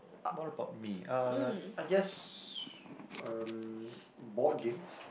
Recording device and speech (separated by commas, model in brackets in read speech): boundary microphone, conversation in the same room